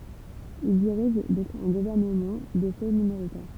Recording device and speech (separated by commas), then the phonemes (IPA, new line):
temple vibration pickup, read sentence
il diʁiʒ dɔ̃k œ̃ ɡuvɛʁnəmɑ̃ də fɛ minoʁitɛʁ